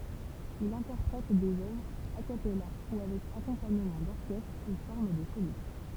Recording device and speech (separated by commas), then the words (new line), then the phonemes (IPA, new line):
temple vibration pickup, read sentence
Il interprète des œuvres a cappella ou avec accompagnement d'orchestre et forme des solistes.
il ɛ̃tɛʁpʁɛt dez œvʁz a kapɛla u avɛk akɔ̃paɲəmɑ̃ dɔʁkɛstʁ e fɔʁm de solist